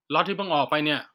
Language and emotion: Thai, angry